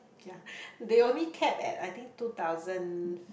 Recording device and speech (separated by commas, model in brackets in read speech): boundary microphone, conversation in the same room